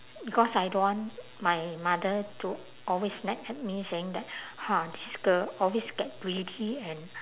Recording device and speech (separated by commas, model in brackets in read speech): telephone, conversation in separate rooms